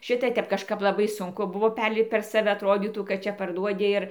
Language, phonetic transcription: Lithuanian, ˈšita ˈtep kažˈkap laˈbai sunˈku ˈbuvo ˈperlipt per saˈve atˈrodytų kad ˈčia parˈduodi ir

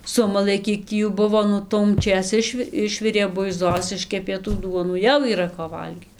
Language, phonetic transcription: Lithuanian, ˈsumalɘ ˈkiek tį ˈjų ˈbuvo ˈnu tuomˈčės ˈišvi ˈišvirė buiˈzos ˈiškepė tų ˈduonų ˈjau yˈra ko ˈvalgyt

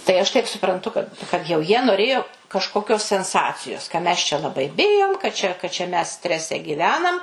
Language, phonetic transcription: Lithuanian, tai ˈaš taip supranˈtu kad kad jau ˈjie noˈrėjo kažkoˈkios senˈsacijos ka mes čia laˈbai ˈbijom ka čia ka čia mes ˈstrese gyˈvenam

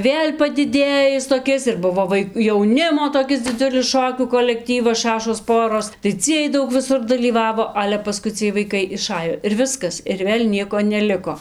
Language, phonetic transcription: Lithuanian, ˈvėl' padiˈdėjis toˈkis ir ˈbuvo ˈvai jauˈnimo toˈkis diˈdziulis ˈšokių kolekˈtyvas ˈšašos ˈporos tai ˈciej ˈdaug viˈsur dalyˈvavo ˈale paˈskui ciej vaiˈkai iˈšajo ir ˈviskas ir ˈvėl' ˈnieko neˈliko

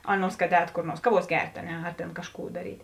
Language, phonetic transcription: Lithuanian, ˈaˌnuos kad ˈēt kor ˈnuors ˈkaˌvuos ˈgert' a ˈne ar tėn ˈkažˌkų daˈryt'

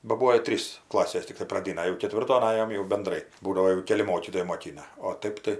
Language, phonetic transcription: Lithuanian, ba ˈbūo i ˈtrys ˈklasės ˈtiktai praˈdina jau keˈtvirton ˈajom jau benˈdrai ˈbūdavo jau ˈkeli ˈmokytojai moˈkina o ˈtaip tai

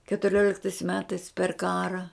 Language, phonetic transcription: Lithuanian, ketuˈrioliktais ˈmetais per ˈkara

